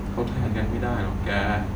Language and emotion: Thai, sad